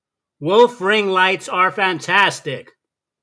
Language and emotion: English, disgusted